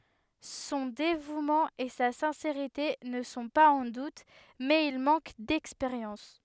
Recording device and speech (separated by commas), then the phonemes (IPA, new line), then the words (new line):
headset microphone, read sentence
sɔ̃ devumɑ̃ e sa sɛ̃seʁite nə sɔ̃ paz ɑ̃ dut mɛz il mɑ̃k dɛkspeʁjɑ̃s
Son dévouement et sa sincérité ne sont pas en doute, mais il manque d'expérience.